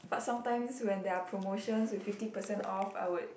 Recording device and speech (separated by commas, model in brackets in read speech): boundary microphone, conversation in the same room